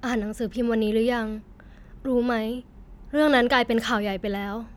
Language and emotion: Thai, sad